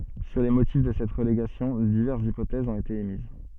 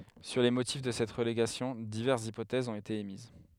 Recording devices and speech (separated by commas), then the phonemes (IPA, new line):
soft in-ear microphone, headset microphone, read sentence
syʁ le motif də sɛt ʁəleɡasjɔ̃ divɛʁsz ipotɛzz ɔ̃t ete emiz